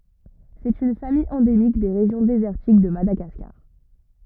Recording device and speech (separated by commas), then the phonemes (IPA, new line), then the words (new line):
rigid in-ear microphone, read sentence
sɛt yn famij ɑ̃demik de ʁeʒjɔ̃ dezɛʁtik də madaɡaskaʁ
C'est une famille endémique des régions désertiques de Madagascar.